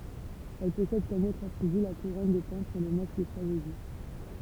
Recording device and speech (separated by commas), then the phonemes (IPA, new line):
temple vibration pickup, read sentence
ɛl pɔsɛd kɔm otʁz atʁiby la kuʁɔn də pɑ̃pʁz e lə mask də tʁaʒedi